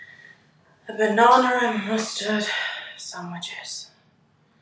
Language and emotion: English, neutral